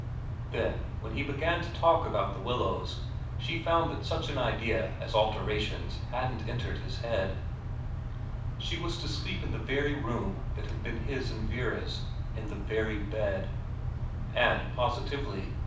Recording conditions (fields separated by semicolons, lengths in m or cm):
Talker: one person; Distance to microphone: 5.8 m; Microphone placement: far; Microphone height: 1.8 m; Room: medium-sized (5.7 m by 4.0 m); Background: none